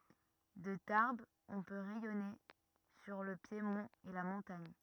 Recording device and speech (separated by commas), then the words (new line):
rigid in-ear microphone, read sentence
De Tarbes on peut rayonner sur le piémont et la montagne.